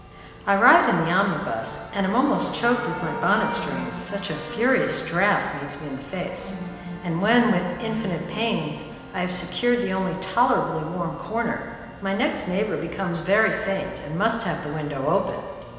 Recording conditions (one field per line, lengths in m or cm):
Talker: one person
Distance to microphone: 1.7 m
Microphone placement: close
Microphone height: 1.0 m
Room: very reverberant, large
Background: music